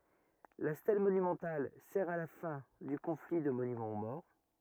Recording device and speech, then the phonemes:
rigid in-ear microphone, read sentence
la stɛl monymɑ̃tal sɛʁ a la fɛ̃ dy kɔ̃fli də monymɑ̃ o mɔʁ

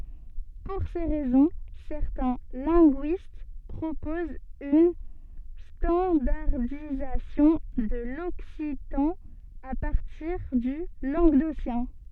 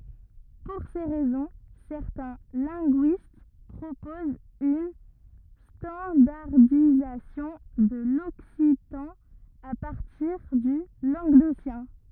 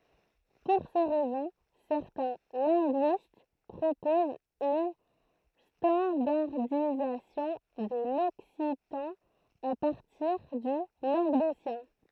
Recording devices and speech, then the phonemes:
soft in-ear microphone, rigid in-ear microphone, throat microphone, read sentence
puʁ se ʁɛzɔ̃ sɛʁtɛ̃ lɛ̃ɡyist pʁopozt yn stɑ̃daʁdizasjɔ̃ də lɔksitɑ̃ a paʁtiʁ dy lɑ̃ɡdosjɛ̃

